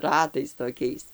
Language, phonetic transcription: Lithuanian, ˈratais toˈkiais

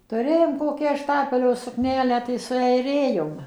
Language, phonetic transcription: Lithuanian, tuˈrėjom ˈkokią ˈštapelio sukˈnelę tai sueiˈrėjom

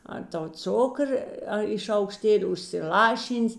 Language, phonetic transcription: Lithuanian, ˈar ˌtau ˈcukrə ˈa i šaukˈštėli užsiˈlaˌšyn's'

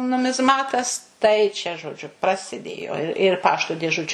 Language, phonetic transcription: Lithuanian, numizˈmatas tai čia žoˈdžiu prasiˈdėjo ir ˈpašto dėˈžučiu

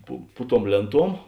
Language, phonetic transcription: Lithuanian, pu ˈpu ˌtuom ˈlėnˌtuom

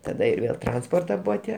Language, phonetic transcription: Lithuanian, ˈtada ir ˈvėl ˈtransporta ˈbuva ˈtie

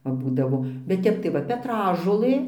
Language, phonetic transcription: Lithuanian, ˈva ˈbūdavo bet ˈtep tai ˈva peˈtražolɘ

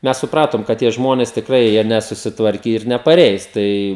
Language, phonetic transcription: Lithuanian, ˈmes suˈpratom kad ˈtie ˈžmonės tikˈrai ˈjie nesusiˈtvarkė ir nepaˈreis ˈtai

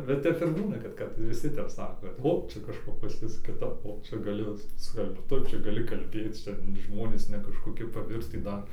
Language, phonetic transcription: Lithuanian, bet ˈtep ir ˈbūna kad ˈkad viˈsi ˈtep ˈsako ˈo ˈčia kažˈko pas ˈjus kiˈtap o ˈčia gaˈlėjo ˈskelbt ˈtu ˈčia gaˈli kalˈbėt ˈčia ˈžmonės ne kažkoˈki paˈvirtį ˈdar

